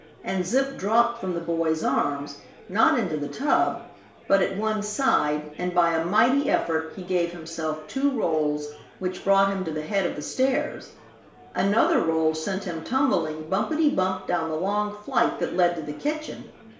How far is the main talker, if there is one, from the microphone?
1.0 m.